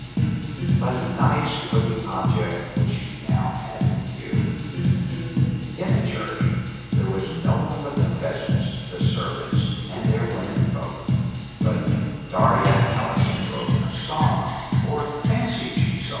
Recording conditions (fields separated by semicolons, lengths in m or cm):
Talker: one person; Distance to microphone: 7.1 m; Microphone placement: far; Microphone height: 1.7 m; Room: very reverberant, large; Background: music